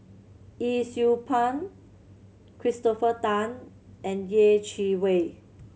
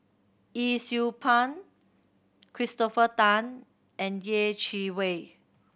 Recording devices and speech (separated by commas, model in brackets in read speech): mobile phone (Samsung C7100), boundary microphone (BM630), read sentence